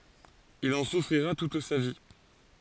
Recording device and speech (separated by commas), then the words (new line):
forehead accelerometer, read sentence
Il en souffrira toute sa vie.